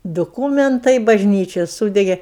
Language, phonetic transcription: Lithuanian, duˈkūmentai bažˈnyčia ˈsūdegė

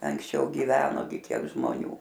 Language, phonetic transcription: Lithuanian, anksˈčiau giˈveno gi ˈkiek žmoˈnių

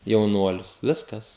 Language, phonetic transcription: Lithuanian, jauˈnuolius ˈviskas

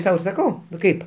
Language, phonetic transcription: Lithuanian, ˈtau ir saˈkau ˈkaip

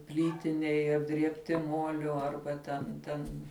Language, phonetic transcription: Lithuanian, ˈplytiniai apdriebˈti ˈmuoliu ˈarba ten ˈten

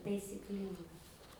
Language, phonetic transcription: Lithuanian, taisikˈlynga

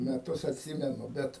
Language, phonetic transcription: Lithuanian, meˈtus atˈsymenu ˈbet

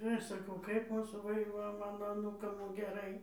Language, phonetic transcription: Lithuanian, ir ˈaš saˈkau kaip ˈmūsų ˈva ir jau ˈmano aˈnūkam geˈrai

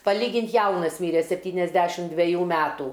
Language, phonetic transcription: Lithuanian, paˈlygint ˈjaunas ˈmyre sepˈtyniasdešim dveˈjų ˈmeˈtų

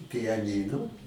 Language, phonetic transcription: Lithuanian, pijaˈnynu

